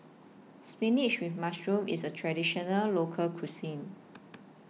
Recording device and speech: mobile phone (iPhone 6), read sentence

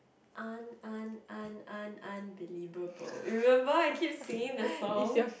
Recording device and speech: boundary microphone, conversation in the same room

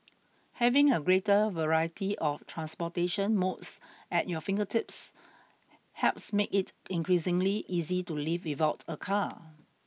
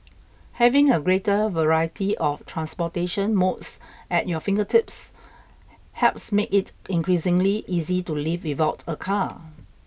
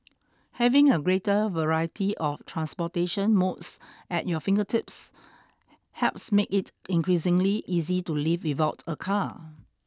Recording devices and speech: mobile phone (iPhone 6), boundary microphone (BM630), standing microphone (AKG C214), read sentence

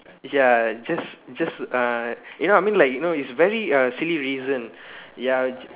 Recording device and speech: telephone, conversation in separate rooms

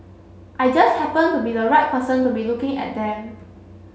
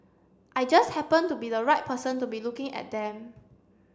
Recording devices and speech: mobile phone (Samsung C7), standing microphone (AKG C214), read sentence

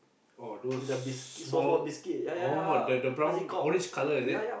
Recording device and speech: boundary microphone, conversation in the same room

